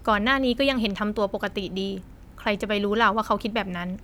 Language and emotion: Thai, neutral